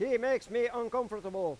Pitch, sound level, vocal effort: 240 Hz, 101 dB SPL, very loud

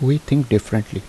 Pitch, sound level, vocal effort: 110 Hz, 76 dB SPL, soft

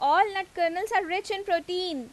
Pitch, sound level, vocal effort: 375 Hz, 93 dB SPL, very loud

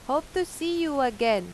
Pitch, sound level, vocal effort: 285 Hz, 92 dB SPL, loud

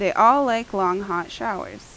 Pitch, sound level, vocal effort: 195 Hz, 88 dB SPL, loud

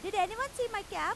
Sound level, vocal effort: 99 dB SPL, very loud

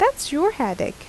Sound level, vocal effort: 81 dB SPL, normal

